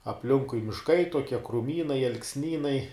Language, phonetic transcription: Lithuanian, apˈlinkui mišˈkai toˈkie kruˈmynai alksˈnynai

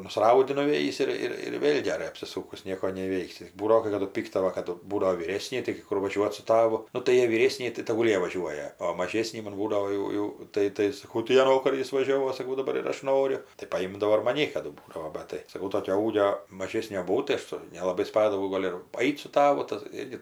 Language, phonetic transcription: Lithuanian, nusˈraudi nuˈvėjįs ir ˈir ir ˈvėl' geˈrai apsiˈsūkus ˈnieko neįˈveiksi jis ˈbūdavo kai kaˈdu ˈpyktala kaˈdu ˈbūdavo vyˈrėsni taigi ˈkur vaˈžiuot su ˈtavu ˈnu tai ˈjie vyˈrėsniai tai ˈtagul ˈjie vaˈžiuoja o maˈžėsnim man ˈbūdavo jau ˈjau ˈtai tai saˈkau tai a ˈvokar ˈjis vaˈžiovo saˈkau daˈbar ir ˈaš ˈnoriu tai paˈjimdavo ir maˈni kaˈdu ˈbūdavo ˈbat tai saˈkau ˈtokio ˈūgio maˈžėsnio buˈvau tai ˈaš su nelaˈbai ˈspadavau ˈgol' ir paˈait su ˈtavu ˈtas ˈirgi

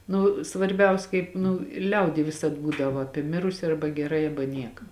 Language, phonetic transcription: Lithuanian, ˈnu svarˈbiaus ˈkaip nu i ˈliaudy ˈvisad ˈbūdava ˈapie ˈmirusi ˈarba geˈrai ˈaba ˈnieka

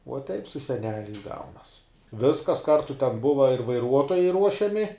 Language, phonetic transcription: Lithuanian, uo teip su seˈneliais ˈgaunas ˈviskas ˈkartu ten ˈbuva ir vaiˈruotojai ˈruošiami

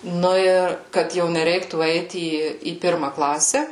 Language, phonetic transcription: Lithuanian, ˈnu ir kad ˈjau neˈreiktų ˈeit ˈį į ˈpirma ˈklase

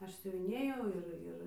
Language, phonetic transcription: Lithuanian, ˈaš siuviˈnėjau ˈir ˈir

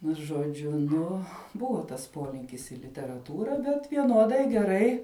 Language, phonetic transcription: Lithuanian, nu žoˈdžiu ˈnu ˈbuvo tas ˈpolinkis i literaˈtūra bet vieˈnuodai geˈrai

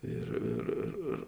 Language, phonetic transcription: Lithuanian, ˈir ir ir ir

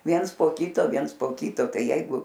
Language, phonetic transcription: Lithuanian, ˈviens po ˈkyto ˈviens po ˈkyto ˈtai ˈjeigu

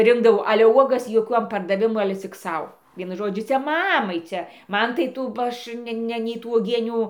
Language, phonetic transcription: Lithuanian, ˈrinkdavau ˈale ˈuogas joˈkiuom pardaˈvimu ale cik ˈsau ˈvienu ˈžodžiu ˈcia ˈmamai ˈcia ˈman tai ˈtų ba ˈaš ˈne ˈne nei ˈtų uoˈgienių

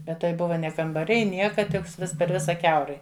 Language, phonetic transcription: Lithuanian, ˈbet tai ˈbuva ne kambaˈriai ˈnieka ˈtiks ˈvis per ˈvisa ˈkiaurai

